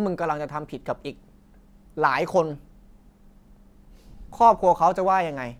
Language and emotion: Thai, frustrated